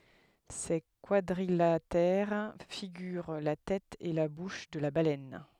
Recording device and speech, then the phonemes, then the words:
headset microphone, read sentence
se kwadʁilatɛʁ fiɡyʁ la tɛt e la buʃ də la balɛn
Ces quadrilatères figurent la tête et la bouche de la baleine.

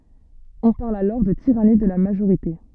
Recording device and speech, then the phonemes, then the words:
soft in-ear microphone, read sentence
ɔ̃ paʁl alɔʁ də tiʁani də la maʒoʁite
On parle alors de tyrannie de la majorité.

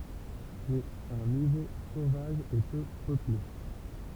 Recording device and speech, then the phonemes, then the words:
temple vibration pickup, read sentence
sɛt œ̃ nivo sovaʒ e pø pøple
C’est un niveau sauvage et peu peuplé.

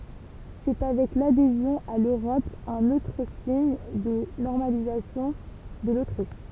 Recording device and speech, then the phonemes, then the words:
temple vibration pickup, read sentence
sɛ avɛk ladezjɔ̃ a løʁɔp œ̃n otʁ siɲ də nɔʁmalizasjɔ̃ də lotʁiʃ
C’est avec l’adhésion à l’Europe un autre signe de normalisation de l’Autriche.

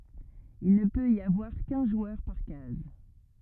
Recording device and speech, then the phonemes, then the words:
rigid in-ear microphone, read sentence
il nə pøt i avwaʁ kœ̃ ʒwœʁ paʁ kaz
Il ne peut y avoir qu'un joueur par case.

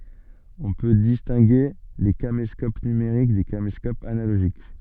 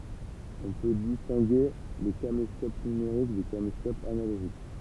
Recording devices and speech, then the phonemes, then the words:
soft in-ear microphone, temple vibration pickup, read sentence
ɔ̃ pø distɛ̃ɡe le kameskop nymeʁik de kameskopz analoʒik
On peut distinguer les caméscopes numériques des caméscopes analogiques.

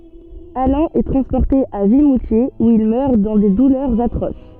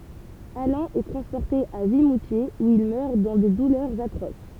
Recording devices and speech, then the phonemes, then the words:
soft in-ear microphone, temple vibration pickup, read sentence
alɛ̃ ɛ tʁɑ̃spɔʁte a vimutjez u il mœʁ dɑ̃ de dulœʁz atʁos
Alain est transporté à Vimoutiers où il meurt dans des douleurs atroces.

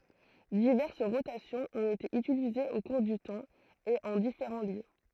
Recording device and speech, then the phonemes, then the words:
throat microphone, read sentence
divɛʁs ʁotasjɔ̃z ɔ̃t ete ytilizez o kuʁ dy tɑ̃ e ɑ̃ difeʁɑ̃ ljø
Diverses rotations ont été utilisées au cours du temps et en différents lieux.

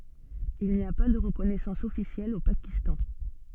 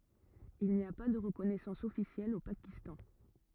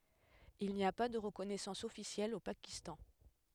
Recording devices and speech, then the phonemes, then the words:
soft in-ear microphone, rigid in-ear microphone, headset microphone, read sentence
il ni a pa də ʁəkɔnɛsɑ̃s ɔfisjɛl o pakistɑ̃
Il n'y a pas de reconnaissance officielle au Pakistan.

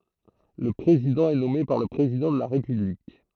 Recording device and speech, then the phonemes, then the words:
throat microphone, read sentence
lə pʁezidɑ̃ ɛ nɔme paʁ lə pʁezidɑ̃ də la ʁepyblik
Le président est nommé par le président de la République.

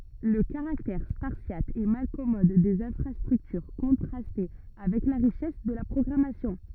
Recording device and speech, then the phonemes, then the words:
rigid in-ear microphone, read sentence
lə kaʁaktɛʁ spaʁsjat e malkɔmɔd dez ɛ̃fʁastʁyktyʁ kɔ̃tʁastɛ avɛk la ʁiʃɛs də la pʁɔɡʁamasjɔ̃
Le caractère spartiate et malcommode des infrastructures contrastait avec la richesse de la programmation.

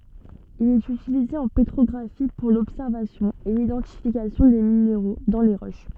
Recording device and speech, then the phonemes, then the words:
soft in-ear microphone, read sentence
il ɛt ytilize ɑ̃ petʁɔɡʁafi puʁ lɔbsɛʁvasjɔ̃ e lidɑ̃tifikasjɔ̃ de mineʁo dɑ̃ le ʁoʃ
Il est utilisé en pétrographie pour l'observation et l'identification des minéraux dans les roches.

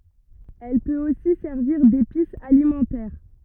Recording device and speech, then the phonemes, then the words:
rigid in-ear microphone, read sentence
ɛl pøt osi sɛʁviʁ depis alimɑ̃tɛʁ
Elle peut aussi servir d'épice alimentaire.

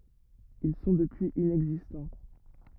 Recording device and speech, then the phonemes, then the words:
rigid in-ear microphone, read sentence
il sɔ̃ dəpyiz inɛɡzistɑ̃
Ils sont depuis inexistants.

